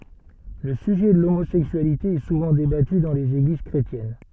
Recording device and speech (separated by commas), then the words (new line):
soft in-ear microphone, read sentence
Le sujet de l'homosexualité est souvent débattu dans les églises chrétiennes.